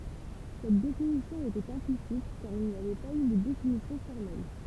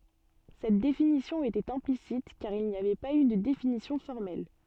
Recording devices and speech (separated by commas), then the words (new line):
temple vibration pickup, soft in-ear microphone, read sentence
Cette définition était implicite, car il n'y avait pas eu de définition formelle.